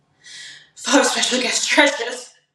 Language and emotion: English, sad